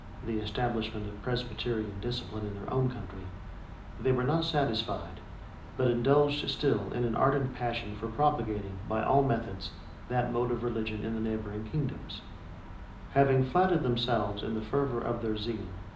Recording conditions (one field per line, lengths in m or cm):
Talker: one person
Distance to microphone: 2.0 m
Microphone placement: close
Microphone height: 99 cm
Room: medium-sized (5.7 m by 4.0 m)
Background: none